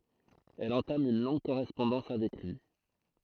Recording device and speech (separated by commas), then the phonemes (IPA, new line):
throat microphone, read sentence
ɛl ɑ̃tam yn lɔ̃ɡ koʁɛspɔ̃dɑ̃s avɛk lyi